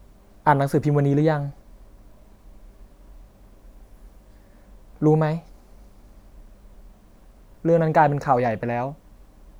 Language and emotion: Thai, sad